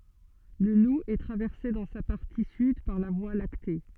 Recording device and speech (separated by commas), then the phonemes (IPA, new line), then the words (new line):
soft in-ear microphone, read sentence
lə lu ɛ tʁavɛʁse dɑ̃ sa paʁti syd paʁ la vwa lakte
Le Loup est traversé dans sa partie sud par la Voie lactée.